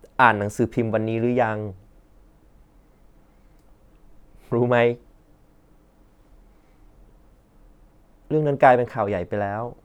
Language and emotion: Thai, sad